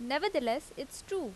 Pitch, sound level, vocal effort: 285 Hz, 85 dB SPL, loud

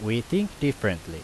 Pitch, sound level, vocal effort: 115 Hz, 85 dB SPL, loud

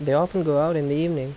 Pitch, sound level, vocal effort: 150 Hz, 83 dB SPL, normal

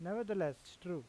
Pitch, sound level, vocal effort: 180 Hz, 89 dB SPL, normal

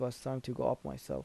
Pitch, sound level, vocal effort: 120 Hz, 78 dB SPL, soft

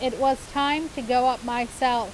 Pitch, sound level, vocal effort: 255 Hz, 92 dB SPL, loud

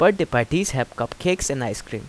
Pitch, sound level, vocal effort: 130 Hz, 85 dB SPL, normal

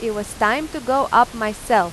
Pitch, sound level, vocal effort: 230 Hz, 94 dB SPL, loud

